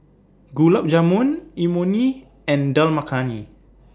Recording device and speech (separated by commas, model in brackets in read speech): standing microphone (AKG C214), read sentence